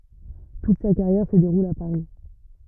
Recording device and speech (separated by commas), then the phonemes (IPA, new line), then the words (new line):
rigid in-ear microphone, read sentence
tut sa kaʁjɛʁ sə deʁul a paʁi
Toute sa carrière se déroule à Paris.